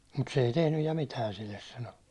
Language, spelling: Finnish, mutta se ei tehnyt ja mitään sille sanoi
- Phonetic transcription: mut se ei 'tehnyj ja "mitään̬ silles « sano .

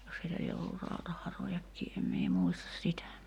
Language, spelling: Finnish, jos heillä lie ollut rautaharojakin en minä muista sitä
- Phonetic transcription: jos heilä lie ollur 'rautaharojakkii em mie 'muistas 'sitä .

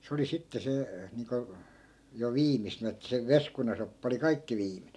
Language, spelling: Finnish, se oli sitten se niin kuin jo viimeisen että se veskunasoppa oli kaikki viimeinen
- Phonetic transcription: se oli 'sitte se , niiŋko , jo 'viimisenᵃ̈ että se "veskunasoppa oli 'kaikki viimine .

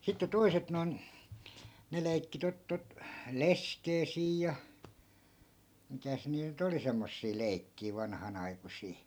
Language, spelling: Finnish, sitten toiset noin ne leikki tuota tuota leskeä siinä ja mitäs niitä nyt oli semmoisia leikkejä vanhanaikuisia
- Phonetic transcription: sitte 'toi̮set noi̮n , 'ne lei̮kki 'tot tot , "leskee 'siij ja , 'mitäs niiᵗ ny't ‿oli "semmossii 'lei̮kkii 'vanhanaikusii .

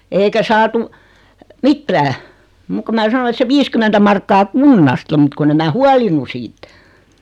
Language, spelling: Finnish, eikä saatu mitään muuta kuin minä sanoin että se viisikymmentä markkaa kunnasta mutta kun en minä huolinut siitä
- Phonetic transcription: 'eikä saatu , "mittää , 'muk ko mä 'sano et se 'viiskymentä markkaa "kunnasta mut kunn ‿em 'mää "hualinu 'siit .

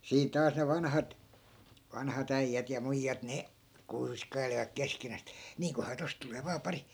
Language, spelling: Finnish, siinä taas ne vanhat vanhat äijät ja muijat ne kuiskailivat keskenään että niinköhän tuosta tulee vain pari
- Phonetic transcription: 'siin̬ 'taas ne 'vanhat , vanha't ‿äijjät ja 'muijjat 'ne , "kuiskai̮livak 'keskenää(s ‿et) » 'niiŋkohaa 'tost tulee vaa "pari .

